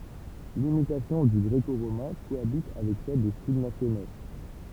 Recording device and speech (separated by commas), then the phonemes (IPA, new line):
temple vibration pickup, read sentence
limitasjɔ̃ dy ɡʁeko ʁomɛ̃ koabit avɛk sɛl de stil nasjono